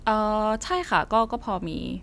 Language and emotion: Thai, neutral